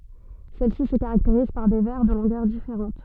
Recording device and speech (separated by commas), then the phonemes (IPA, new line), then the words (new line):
soft in-ear microphone, read sentence
sɛl si sə kaʁakteʁiz paʁ de vɛʁ də lɔ̃ɡœʁ difeʁɑ̃t
Celles-ci se caractérisent par des vers de longueurs différentes.